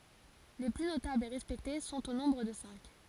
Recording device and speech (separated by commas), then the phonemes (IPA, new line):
forehead accelerometer, read sentence
le ply notablz e ʁɛspɛkte sɔ̃t o nɔ̃bʁ də sɛ̃k